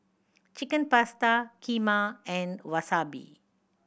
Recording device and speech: boundary microphone (BM630), read sentence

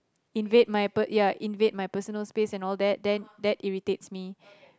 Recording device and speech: close-talking microphone, conversation in the same room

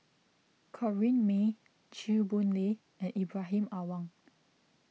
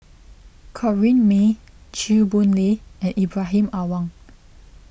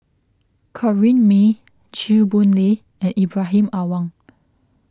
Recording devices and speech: mobile phone (iPhone 6), boundary microphone (BM630), close-talking microphone (WH20), read sentence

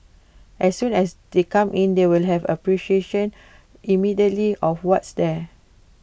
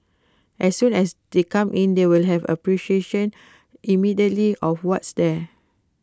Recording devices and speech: boundary microphone (BM630), close-talking microphone (WH20), read sentence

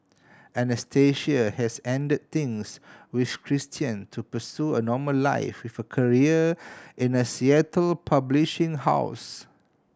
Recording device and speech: standing microphone (AKG C214), read sentence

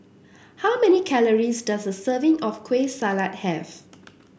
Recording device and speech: boundary microphone (BM630), read sentence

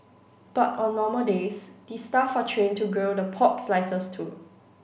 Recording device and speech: boundary microphone (BM630), read sentence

